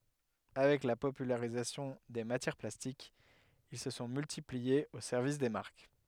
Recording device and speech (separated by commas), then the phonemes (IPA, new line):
headset microphone, read sentence
avɛk la popylaʁizasjɔ̃ de matjɛʁ plastikz il sə sɔ̃ myltipliez o sɛʁvis de maʁk